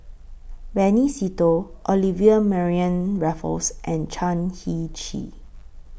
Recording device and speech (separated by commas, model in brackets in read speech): boundary microphone (BM630), read sentence